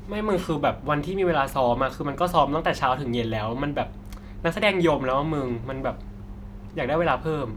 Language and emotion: Thai, frustrated